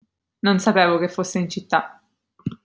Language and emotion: Italian, neutral